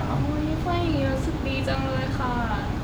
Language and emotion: Thai, happy